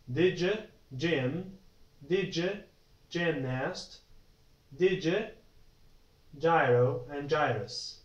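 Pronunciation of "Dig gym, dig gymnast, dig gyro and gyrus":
The g in 'gym', 'gymnast', 'gyro' and 'gyrus' is pronounced as a dj sound, and a separate dj sound is said before each word.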